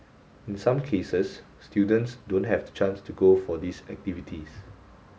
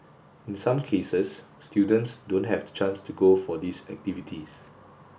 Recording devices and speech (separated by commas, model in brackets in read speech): mobile phone (Samsung S8), boundary microphone (BM630), read sentence